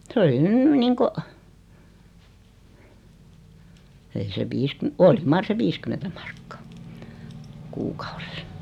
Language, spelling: Finnish, se oli nyt niin kuin ei se - oli mar se viisikymmentä markkaa kuukaudessa
- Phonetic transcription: 's ‿oli 'nyn "niiŋko , 'ei se 'viiskym- "oli 'mar se "viskymentä mᴀʀkkᴀᴀ , "kuukᴀᴜʀᴇˢ .

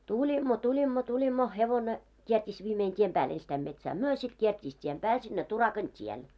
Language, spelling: Finnish, tulimme tulimme tulimme hevonen kiersi viimein tien päälle ensistään metsään me sitten kiersi tien päälle sinne Turakan tielle
- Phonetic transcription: tuĺimmo 'tuĺimmo 'tuĺimmo 'hevone , kiert́iis viimein 'tiem 'pääl , enstäim metsää "myö , sit kiert́iis tiem 'pääl sinne 'Turakan "t́iel .

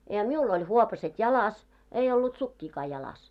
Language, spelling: Finnish, ja minulla oli huopaset jalassa ei ollut sukkiakaan jalassa
- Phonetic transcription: ja 'miul oĺ "huopaset "jalas , ei ollut 'sukkiikaa jalas .

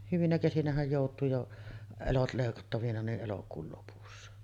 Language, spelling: Finnish, hyvinä kesinähän joutuu jo elot leikattavina niin elokuun lopussa
- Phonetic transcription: 'hyvinä kesinähäj jòut̀uu jo , "elot lèikattavina ni’ '’elokuul lopussa .

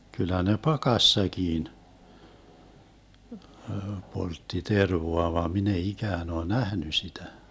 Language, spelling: Finnish, kyllä ne pakassakin poltti tervaa vaan minä ei ikään ole nähnyt sitä
- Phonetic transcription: 'kyl̆lä ne "pakassakiin , 'poltti "tervoa vaam 'min ‿ei "ikään ‿oo "nähny 'sitä .

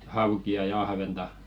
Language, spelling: Finnish, haukia ja ahventa
- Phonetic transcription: 'hauki₍a ja 'ahventa .

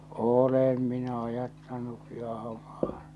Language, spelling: Finnish, olen minä ajattanutkin ahmaa
- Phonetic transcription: 'oolem minä 'ajattanukki ahᵃmaa .

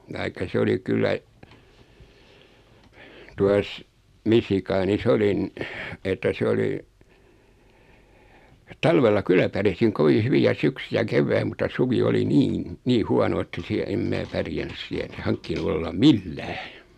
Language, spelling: Finnish, tai se oli kyllä tuossa Michiganissa olin että se oli talvella kyllä pärjäsin kovin hyvin ja syksy ja keväin mutta suvi oli niin niin huono että siellä en minä pärjännyt siellä enkä hankkinut olla millään
- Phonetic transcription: taikka 'se oli 'kyllä , 'tuas , 'Misikaani"s ‿olin , että 'sᵉ oli , 'talvella "kylä pärjäsiŋ 'kovi "hyvi ja 'syksy ja 'kevväi mut̆ta 'suvi oli "niin , 'nii "huano että siä em 'mää 'pärjän̆ny 'siä (eŋkä) 'haŋkkinu ollaᵐ "mil"lää .

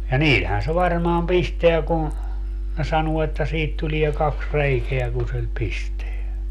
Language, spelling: Finnish, ja niillähän se varmaan pistää kun ne sanoo että siitä tulee kaksi reikää kun sillä pistää
- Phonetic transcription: ja "niilhän se varmaam 'pisteä kun̬ , ne 'sanuo että 'siit tulie 'kaks "reikeä kun̬ sil "pisteä .

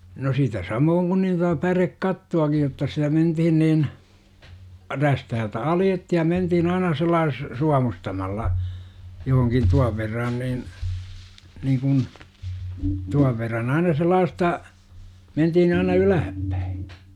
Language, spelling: Finnish, no sitä samoin kuin niin tuota pärekattoakin jotta sitä mentiin niin räystäältä aloitettiin ja mentiin aina sillä tavalla suomustamalla johonkin tuon verran niin niin kuin tuon verran aina sellaista mentiin aina ylöspäin
- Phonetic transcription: no sitä 'samooŋ kun nin (tota) "pärekkattu₍akij jotta sitä 'mentihin niin , 'rästähältä "aljettihI ja 'mentihin aina sellaas- , "suamustamalla , johoŋkin 'tuav verran nin , niikun , 'tuav verran aina 'sel̆laasta , 'mentihin aina "ylähäppÄI .

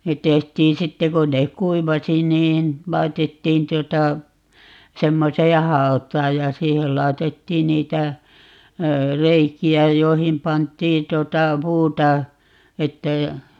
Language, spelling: Finnish, ne tehtiin sitten kun ne kuivasi niin laitettiin tuota semmoiseen hautaan ja siihen laitettiin niitä reikiä joihin pantiin tuota puuta että ei
- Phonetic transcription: 'net̆ 'tehtiin "sitte 'kon nek "kuivasi 'niin , 'lai̮tettiin 'tuota , 'semmosee "haɔt̀aaj ja "siihel 'laetettiin 'niitä , "reiki₍ä 'joihim 'pant̀ii 'tᵘota "puuta , 'ettei , .

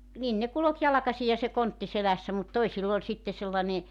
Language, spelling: Finnish, niin ne kulki jalkaisin ja se kontti selässä mutta toisilla oli sitten sellainen
- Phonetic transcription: nin ne 'kulok 'jalᵃkasi ja se 'kontti 'selässä mut 'toisill ‿oĺ 'sitte sellane ,.

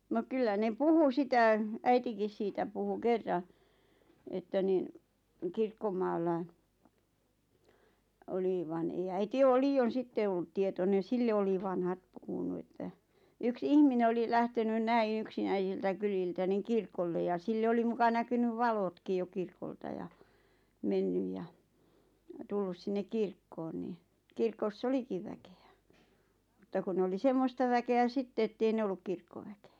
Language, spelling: Finnish, no kyllä ne puhui sitä äitikin siitä puhui kerran että niin kirkkomaalla oli vaan ei äiti ole liioin sitten ollut tietoinen sille oli vanhat puhunut että yksi ihminen oli lähtenyt näin yksinäisiltä kyliltä niin kirkolle ja sille oli muka näkynyt valotkin jo kirkolta ja mennyt ja tullut sinne kirkkoon niin kirkossa olikin väkeä mutta kun ne oli semmoista väkeä sitten että ei ne ollut kirkkoväkeä
- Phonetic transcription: no 'kyllä ne "puhu 'sitä , "äitikis siitä puhu "kerra , että niⁿ , "kirkkomaallai , 'oli van ei 'äiti 'oo "lii₍on̬ 'sitte ollᵘᵗ tietonen̬ "sille oli 'vanhat 'puhunu että , yks "ihmine oli lähtenyn "näiḭ 'yksinäisiltä kyliltä niŋ "kirkolle ja 'sille oli muka 'näkynyv "valotkij jo 'kirkolta ja , "mennyj ja , 'tullus sinnek 'kirkkoon ni , 'kirko"s ‿olikiv väke₍ä , mutta kun nᵉ oli "semmosta 'väke₍ä "sitte ettei 'ne olluk 'kirkkoväke₍ä .

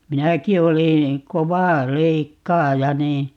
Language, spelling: Finnish, minäkin olin kova leikkaaja niin
- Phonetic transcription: 'minäki oliḭ , "kova 'leikkaaja 'nii ,.

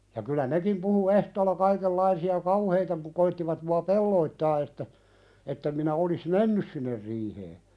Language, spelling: Finnish, ja kyllä nekin puhui ehtoolla kaikenlaisia kauheita - koettivat minua pelotella että että en minä olisi mennyt sinne riiheen
- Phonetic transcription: ja kylä 'nekim puhu 'ehtoolla 'kaikellaisi₍a "kauheita pu- koittivat mua "pelloittaa että , ettem minä 'olis "mennys sinner 'riihee .

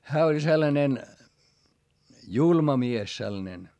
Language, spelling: Finnish, hän oli sellainen julma mies sellainen
- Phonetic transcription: hää oĺ sellanen , julma mies sellᵃnen .

